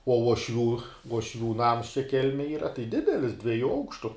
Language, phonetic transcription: Lithuanian, uo uoˈšvių uošˈvių ˈnams čia ˈkelmej ˈyra tai ˈdidelis dvieˈjų ˈaukštu

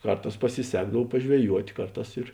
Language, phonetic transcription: Lithuanian, ˈkarˌtās pasiˈsekdav pažveˈjuot' ˈkarˌtās ir

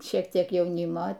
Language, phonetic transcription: Lithuanian, ˈšiek ˈtiek ˈjauˈnimo

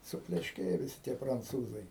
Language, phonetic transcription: Lithuanian, suplešˈkėja viˈsi tie pranˈcūzai

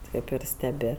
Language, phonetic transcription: Lithuanian, ˈtaip ir steˈbi

